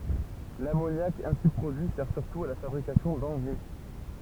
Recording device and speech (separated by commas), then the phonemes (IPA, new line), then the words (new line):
temple vibration pickup, read sentence
lamonjak ɛ̃si pʁodyi sɛʁ syʁtu a la fabʁikasjɔ̃ dɑ̃ɡʁɛ
L'ammoniac ainsi produit sert surtout à la fabrication d'engrais.